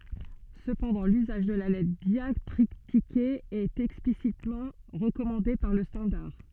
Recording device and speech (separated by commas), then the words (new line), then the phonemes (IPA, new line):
soft in-ear microphone, read sentence
Cependant, l'usage de la lettre diactritiquée est explicitement recommandée par le standard.
səpɑ̃dɑ̃ lyzaʒ də la lɛtʁ djaktʁitike ɛt ɛksplisitmɑ̃ ʁəkɔmɑ̃de paʁ lə stɑ̃daʁ